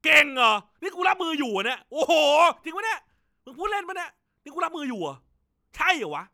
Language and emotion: Thai, happy